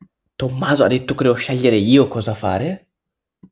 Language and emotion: Italian, surprised